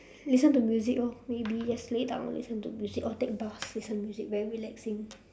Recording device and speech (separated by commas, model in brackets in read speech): standing microphone, conversation in separate rooms